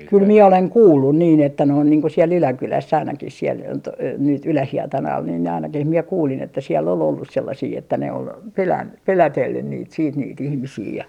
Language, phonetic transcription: Finnish, 'kyl mie oleŋ "kuullun niin että noin niiŋ ko siel 'Yläkyläss ‿ainakis siel , to- , nyt "Ylähietanal nin ne ainakih mie "kuulin että siell ‿ol 'ollus sellasii että ne ol , 'pelän- , "pelätellyn niit siit niit 'ihmisii ja ,.
- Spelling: kyllä minä olen kuullut niin että noin niin kuin siellä Yläkylässä ainakin siellä - nyt Ylähietanalla niin ne ainakin minä kuulin että siellä oli ollut sellaisia että ne oli - pelotellut niitä sitten niitä ihmisiä ja

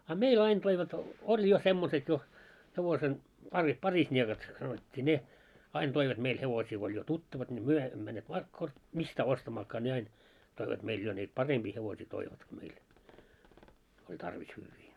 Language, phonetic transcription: Finnish, a 'mei'l ‿ain toivat , oĺ jo 'semmoset jo , hevosen , pari- 'parisńiekat , sanot́t́ii 'ne , 'ain toivat 'meil 'hevosii ko oĺ jo "tuttavat ńi "myö 'emmö männeet , 'mistää 'ostamaakkaa ne 'ain , toivat meil jo niit 'paremʙii hevosii 'toivatki meil , oĺ 'tarvis 'hyyvvii .
- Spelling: a meillä aina toivat oli jo semmoiset jo hevosen - parisniekat sanottiin ne aina toivat meille hevosia kun oli jo tuttavat niin me emme menneet mistään ostamaankaan ne aina toivat meillä jo niitä parempia hevosia toivatkin meille oli tarvis hyviä

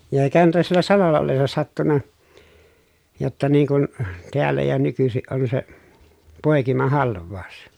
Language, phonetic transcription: Finnish, ja eikähän tuo siellä salolla ollessa sattunna , jotta niiŋ kun , teällä ja nykysiʼ ʼon se , pòekimahalv̆vàu̬s .
- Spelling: ja eikähän tuo siellä salolla ollessa sattunut jotta niin kuin täällä ja nykyisin on se poikimahalvaus

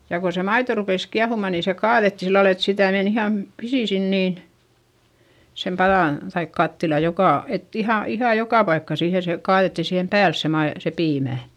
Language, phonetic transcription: Finnish, ja ko se maito rupès kiahumà nii se kaaδetti sillal ‿et sitä̀ men ‿ihàm pisi sin niin , sem paδàn , taik kattila jokà , et iha , ihàj jokà paikka siihe se , kaaδetti siihem pääls se mai- , se piimä̀ .
- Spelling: ja kun se maito rupesi kiehumaan niin se kaadettiin sillä lailla että sitä meni ihan pisin sinne niin sen padan tai kattilan joka että ihan ihan joka paikkaan siihen se kaadettiin siihen päälle se - se piimä

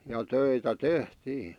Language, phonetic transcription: Finnish, ja 'töitä "tehtii .
- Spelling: ja töitä tehtiin

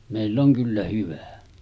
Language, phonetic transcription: Finnish, 'mèill ‿oŋ 'kyllä hyvä .
- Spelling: meillä on kyllä hyvä

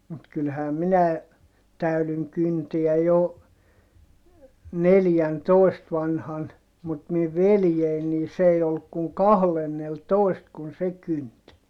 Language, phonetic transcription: Finnish, mut kylhää minäe , täylyŋ kynteä jo , neljäntòi̮st vanhan , mut miv veljein nii s ‿ei olluk kuŋ kahlenneltoist kun se kynt .
- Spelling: mutta kyllähän minä täydyin kyntää jo neljäntoista vanhana mutta minun veljeni niin se ei ollut kuin kahdennellatoista kun se kynti

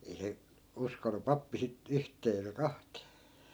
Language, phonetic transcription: Finnish, ei 'se , 'uskonu "pappi sit , 'yht̀ee eikä 'kaht̀ee .
- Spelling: ei se uskonut pappi sitten yhteen eikä kahteen

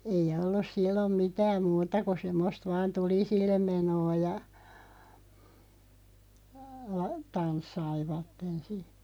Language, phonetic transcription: Finnish, ei 'ollus 'sillom "mitääm 'muuta ku 'semmost vaan "tulisillem 'menoo ja , 'tanssaivatten̬ si .
- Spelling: ei ollut silloin mitään muuta kuin semmoista vain tulisille menoa ja tanssivat sitten

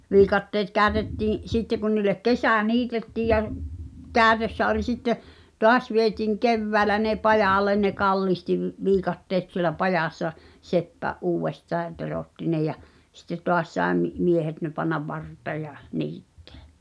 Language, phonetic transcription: Finnish, 'viikatteet "käätettiiḭ , 'sitte kun niil̆lek "kesä̀ 'niitettiij ja (r-) , "kää̳tössä oĺ sitte , "toas vietiiŋ "kevväälä ne "pajàlen ne "kallihti v- , 'viikatteet sielä 'pajàssa , "seppä "’uuwvestaa ʿʲᵃʾ 'teròtti ne jä , sitte 'toas sae mi- , "miehet ne pannav "vart̀ee ja , "niittᴇᴀ̈ .
- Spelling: viikatteet käytettiin sitten kun niille kesä niitettiin ja - käytössä oli sitten taas vietiin keväällä ne pajalle ne kallitsi - viikatteet siellä pajassa seppä uudestaan ja teroitti ne ja sitten taas sai - miehet ne panna varteen ja niittää

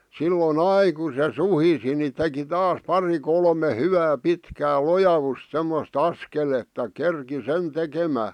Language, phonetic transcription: Finnish, 'sillo"n ‿ai ku se "suhisi ni teki "taas 'pari 'kolme 'hyvää 'pitkää "lojavusᵗ semmos"t ‿askeletta 'kerki "sen 'tekemää .
- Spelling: silloin aina kun se suhisi niin teki taas pari kolme hyvää pitkää lojausta semmoista askeletta kerkesi sen tekemään

